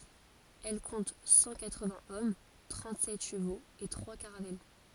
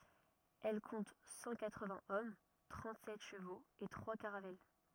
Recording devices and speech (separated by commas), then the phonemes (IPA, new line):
forehead accelerometer, rigid in-ear microphone, read sentence
ɛl kɔ̃t sɑ̃ katʁəvɛ̃z ɔm tʁɑ̃tzɛt ʃəvoz e tʁwa kaʁavɛl